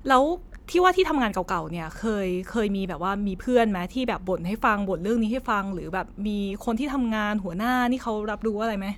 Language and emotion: Thai, neutral